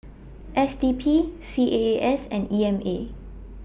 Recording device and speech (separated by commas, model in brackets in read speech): boundary microphone (BM630), read sentence